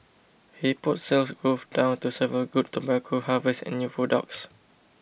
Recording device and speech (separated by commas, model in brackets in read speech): boundary microphone (BM630), read sentence